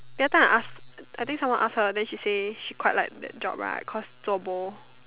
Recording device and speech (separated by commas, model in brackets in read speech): telephone, conversation in separate rooms